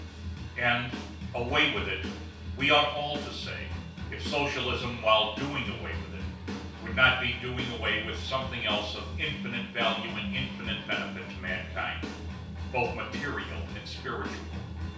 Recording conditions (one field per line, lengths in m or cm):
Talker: one person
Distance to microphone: 3.0 m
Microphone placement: far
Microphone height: 1.8 m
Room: small (3.7 m by 2.7 m)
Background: music